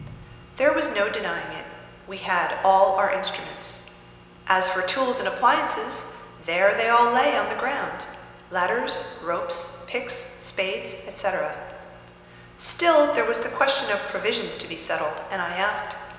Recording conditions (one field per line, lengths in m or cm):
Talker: one person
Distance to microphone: 1.7 m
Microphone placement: close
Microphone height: 1.0 m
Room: very reverberant, large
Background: none